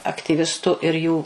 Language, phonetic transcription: Lithuanian, aktyˈvistu ir ˈjų

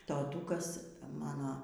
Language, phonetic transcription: Lithuanian, toˈtūkas ˈmano

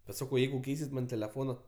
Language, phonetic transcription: Lithuanian, bet ˈsakau ˈjeigu ˈkeisit ˈman teleˈfona

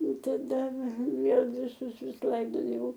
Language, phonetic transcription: Lithuanian, taˈda ˈvėl viˈsus ˈvis ˈlaidojau

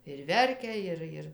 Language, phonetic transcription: Lithuanian, ir ˈverkia ˈir ˈir

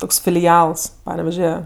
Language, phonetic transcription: Lithuanian, ˈtoks filiˈals ˈpaneveže

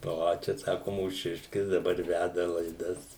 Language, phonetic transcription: Lithuanian, ˈo ˈčia ˈsaku mūˈšiškis dˈabar ˈvæda laiˈdas

